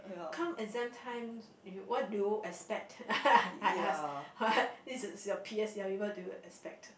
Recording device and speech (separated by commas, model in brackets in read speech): boundary microphone, conversation in the same room